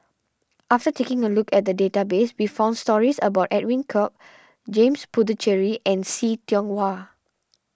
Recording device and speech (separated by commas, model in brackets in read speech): standing microphone (AKG C214), read sentence